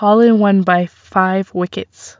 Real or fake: real